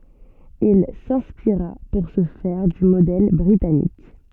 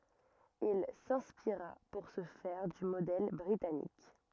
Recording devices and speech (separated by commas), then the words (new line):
soft in-ear microphone, rigid in-ear microphone, read sentence
Il s'inspira pour ce faire du modèle britannique.